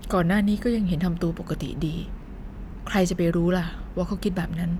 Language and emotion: Thai, frustrated